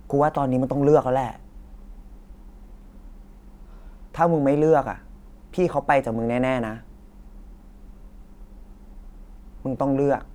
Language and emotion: Thai, frustrated